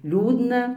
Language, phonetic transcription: Lithuanian, ˈliūdna

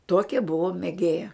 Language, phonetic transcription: Lithuanian, ˈtuokia ˈbuvo mėˈgėja

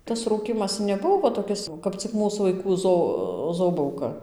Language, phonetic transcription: Lithuanian, tas ˈrūkymas neˈbuvo va toˈkis kap cik ˈmūs vaiˈkų ˈzo ˈzobauka

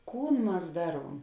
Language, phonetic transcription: Lithuanian, ˈkūn ˈmas ˈdaˌruom

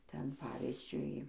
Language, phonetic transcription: Lithuanian, ˈten ˈpavizdžiui

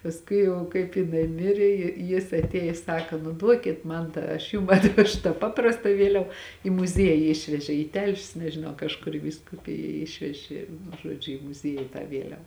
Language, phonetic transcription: Lithuanian, pasˈkui ˈjau kaip jiˈnai ˈmirė ji ˈjis atˈėjis ˈsaka nu ˈduokit ˈman tą aš ˈjum atˈvešu tą ˈpaprasta ˈvieliava i muˈzieji ˈišvežė į ˈtelšius nežiˈnau kažˈkur į vyskuˈpija ˈišveži nu ˈžuodžiu i muˈzieji tą ˈvieliav

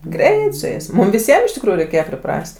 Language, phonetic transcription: Lithuanian, ˈgreit su ˈjais ˈmum viˈsiem iš tikˈrųjų reiˈkėje priˈpras't'

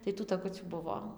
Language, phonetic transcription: Lithuanian, tai tų taˈkucių ˈbuvo

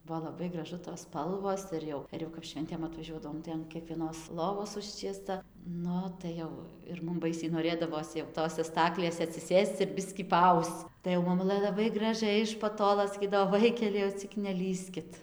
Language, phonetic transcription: Lithuanian, ˈbuvo laˈbai graˈžu tos ˈspalvos ˈir jau ir jau kap ˈšventėm atvaˈžiuodavom tai an kiekvieˈnos loˈvos ˈužčiesta ˈnu tai ˈjau ir ˈmum ˈbaisiai noˈrėdavos jau ˈtose ˈstaklėse atsiˈsėsc ir ˈbiskį paˈausc tai jau maˈmulɘ laˈbai graˈžiai iš paˈtolo saˈkydavo ˈvaikeliai jau ˈcik neˈlįskit

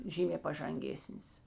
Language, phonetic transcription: Lithuanian, ˈžymė pažanˈgėsnis

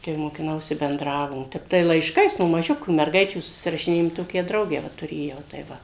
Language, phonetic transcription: Lithuanian, kai mokiˈnausi benˈdravom ˈtep tai laišˈkais no maˈžiukių merˈgaičių susirašiˈnėjom ˈtokią ˈdraugę ˈva tuˈrėjau tai ˈva

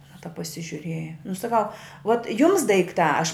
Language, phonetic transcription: Lithuanian, aˈna tap pasižiuˈrėja nu saˈkau vot jums daikˈtā aš

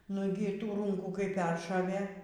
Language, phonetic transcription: Lithuanian, ˈnugi ˈtų ˈrūnkų kai ˈperšovė

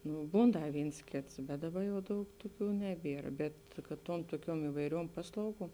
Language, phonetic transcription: Lithuanian, ˈnu ˈbūn ˈda ˈvyns ˈkėts bet ˈdaˌba jau ˈdaug ˈtuˌkių ˈneˌbier bet kad ˈtuom tuoˈkiuom ivaiˈriuom ˈpaslauˌguom

